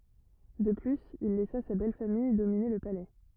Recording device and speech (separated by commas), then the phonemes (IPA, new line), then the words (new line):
rigid in-ear microphone, read sentence
də plyz il lɛsa sa bɛlfamij domine lə palɛ
De plus, il laissa sa belle-famille dominer le Palais.